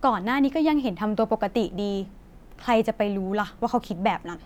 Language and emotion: Thai, frustrated